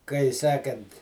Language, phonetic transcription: Lithuanian, kai ˈsekant

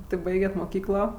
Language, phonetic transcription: Lithuanian, ˈti ˈbaiget' moˈkyklo

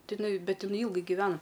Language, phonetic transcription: Lithuanian, ˈtai iˈnai ˈbet iˈnai ˈylgai giˈvena

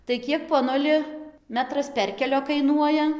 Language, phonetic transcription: Lithuanian, tai ˈkiek poˈnuli ˈmetras ˈperkelio kaiˈnuoja

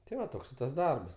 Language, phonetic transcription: Lithuanian, ti ˈva ˈtoks i tas ˈdarbas

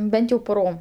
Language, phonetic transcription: Lithuanian, ˈbent jau puˈrom

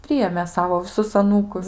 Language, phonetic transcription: Lithuanian, ˈprijėmė ˈsavo viˈsus aˈnūkus

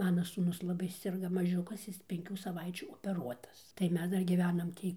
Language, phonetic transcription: Lithuanian, ˈmana sūˈnus laˈbai sirˈga maˈžiukas ˈjis penˈkių saˈvaičių opeˈruotas tai ˈmes ˈdar gyˈvenam ˈtį

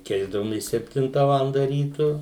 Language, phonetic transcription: Lithuanian, ˈkeisdavomės sepˈtinta ˈvalanda ˈrytu

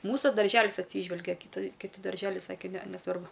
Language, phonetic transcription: Lithuanian, ˈmūsu darˈželis atˈsyžvelgia kiˈtai kiˈti darˈželiai ˈsakė ˈne neˈsvarbu

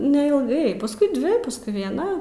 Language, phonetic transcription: Lithuanian, neilˈgai pasˈkui ˈdvi pasˈkui vieˈna

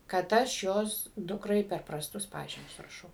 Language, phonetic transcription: Lithuanian, kad ˈaš ˈjos ˈdukrai per prasˈtus ˈpažymius raˈšau

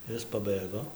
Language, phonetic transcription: Lithuanian, ˈis paˈbɘgo

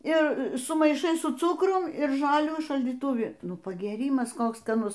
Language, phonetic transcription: Lithuanian, i sumaiˈšai su ˈcukrum ir ˈžalių šaldytuˈvi ˈnu pagėˈrymas ˈkoks skaˈnus

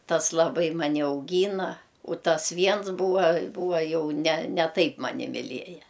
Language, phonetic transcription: Lithuanian, ˈtas laˈbai maˈni auˈgyna u ˈtas ˈviens ˈbūva ˈbūva ˈjau ne ne ˈtaip ˈmani miˈlieja

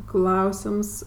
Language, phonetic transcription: Lithuanian, ˈklausims

